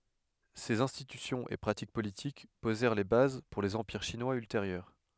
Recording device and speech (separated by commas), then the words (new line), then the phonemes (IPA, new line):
headset microphone, read sentence
Ces institutions et pratiques politiques posèrent les bases pour les empires chinois ultérieurs.
sez ɛ̃stitysjɔ̃z e pʁatik politik pozɛʁ le baz puʁ lez ɑ̃piʁ ʃinwaz ylteʁjœʁ